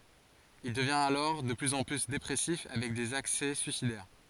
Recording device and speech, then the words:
forehead accelerometer, read sentence
Il devient alors de plus en plus dépressif avec des accès suicidaires.

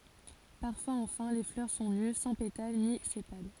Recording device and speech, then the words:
forehead accelerometer, read sentence
Parfois enfin, les fleurs sont nues, sans pétales ni sépales.

